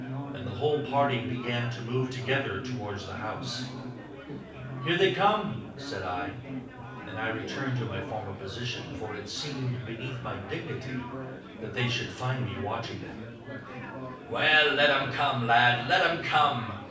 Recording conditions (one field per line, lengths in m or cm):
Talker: one person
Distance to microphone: 5.8 m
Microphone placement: far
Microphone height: 1.8 m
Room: medium-sized (5.7 m by 4.0 m)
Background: babble